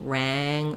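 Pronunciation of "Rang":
In 'rang', the vowel before the ng is a little bit nasalized and a little bit higher than the same vowel in 'rat'.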